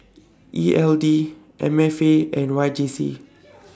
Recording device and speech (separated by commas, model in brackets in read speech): standing microphone (AKG C214), read sentence